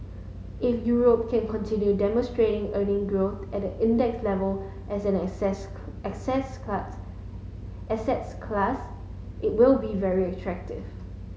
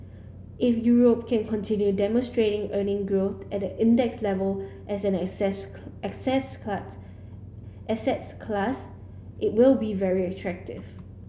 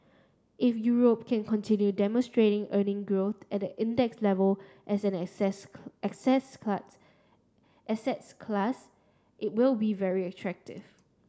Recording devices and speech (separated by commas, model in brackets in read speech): mobile phone (Samsung S8), boundary microphone (BM630), standing microphone (AKG C214), read sentence